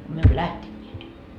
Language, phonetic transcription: Finnish, myö emmö "lähteńńeet .
- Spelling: me emme lähteneet

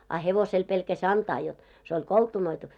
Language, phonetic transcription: Finnish, a 'hevosel pelkä'ś ‿antaa jot , se oĺ 'koltunoitu .
- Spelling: a hevoselle pelkäsi antaa jotta se oli koltunoitu

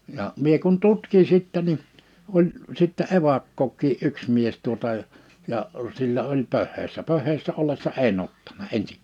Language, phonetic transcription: Finnish, ja , 'mie kun 'tutkin̬ 'sittɛ ni , 'oĺ , sittɛ evakᴋᴏk̆ᴋii '’yᴋs mies tuota , ja , sillä oĺ 'pöhhèissä 'pöh̀hèi̬ssä 'ollessa "enn ‿ottana 'ensiŋ[kään] .
- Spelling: ja minä kun tutkin sitten niin oli sitten evakkokin yksi mies tuota ja sillä oli pöheissä pöheissä ollessa en ottanut ensinkään

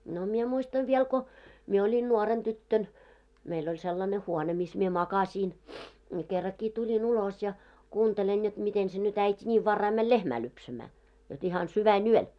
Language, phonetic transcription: Finnish, no mie 'muistav viɛl ko , 'mie 'oĺin "nuoren 'tyttön , meill ‿oĺ sellane 'huone mis mie "makaśiin , ni kerrakkii tuĺin 'ulos ja , 'kuuntelen jot 'miten se nyt ‿äit́i 'ńiiv 'varrai mäl "lehmä 'lypsämää , jot ihan 'syvän"yöl .
- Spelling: no minä muistan vielä kun minä olin nuorena tyttönä meillä oli sellainen huone missä minä makasin niin kerrankin tulin ulos ja kuuntelen jotta miten se nyt äiti niin varhain meni lehmää lypsämään jotta ihan sydänyöllä

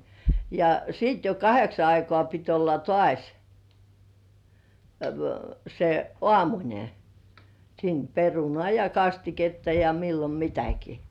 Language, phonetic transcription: Finnish, ja siit jo "kaheksa 'aikoà pit olla "toàś , se "ŏàmuńe , siin "perunoà ja "kastiketta ja 'millom "mitäki .
- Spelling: ja sitten jo kahdeksan aikaan piti olla taas se aamunen siinä perunaa ja kastiketta ja milloin mitäkin

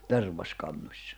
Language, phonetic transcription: Finnish, 'terv̀as'kannośsᴀ .
- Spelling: tervaskannossa

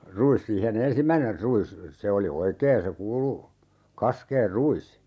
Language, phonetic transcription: Finnish, 'ru₍is siihe"n ‿ensimmäiner 'ru₍is , 'se oli "oikeen̬ se 'kuulu , 'kaskeer "ru₍is .
- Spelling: ruis siihen ensimmäinen ruis se oli oikein se kuulu kasken ruis

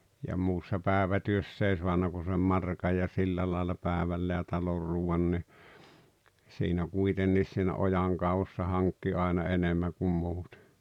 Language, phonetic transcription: Finnish, ja 'muussa "päᵉvätyöss ‿ei 'suanna kun̬ sem "markaj ja 'sillä làella 'pä̀evälle ja 'talor 'ruu₍an ni , siinä "kuitenniis siinä 'ojàŋkevussa 'haŋkki 'aina "enemmäᵑ kum 'muutᴇ .
- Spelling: ja muussa päivätyössä ei saanut kuin sen markan ja sillä lailla päivälle ja talon ruuan niin siinä kuitenkin siinä ojankaivuussa hankki aina enemmän kuin muuten

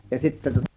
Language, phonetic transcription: Finnish, ja 'sittä tŭŏta ...
- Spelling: ja sitten tuota

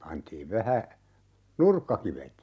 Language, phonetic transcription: Finnish, 'pantiiv 'vähä , "nurkkakivet .
- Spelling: pantiin vähän nurkkakivet

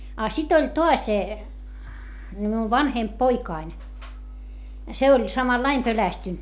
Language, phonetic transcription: Finnish, a sit ‿oĺ toas , ni miuv vanhemp poikain , se oĺ , samallaim pölästynt .
- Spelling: a sitten oli taas niin minun vanhempi poikani se oli samalla lailla pelästynyt

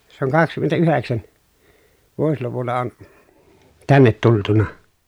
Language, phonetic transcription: Finnish, se oŋ kakskymmentä₍yheksän , vuosluvulla on , tännet tultuna .
- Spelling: se on kaksikymmentäyhdeksän vuosiluvulla on tänne tultu

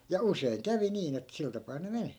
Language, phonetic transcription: Finnish, ja "useiŋ 'kävi niin ‿et 'sil tapaa ne 'meni .
- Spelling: ja usein kävi niin että sillä tapaa ne meni

